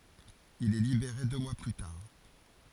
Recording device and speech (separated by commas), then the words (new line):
forehead accelerometer, read sentence
Il est libéré deux mois plus tard.